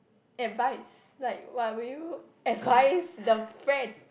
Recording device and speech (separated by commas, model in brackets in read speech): boundary microphone, conversation in the same room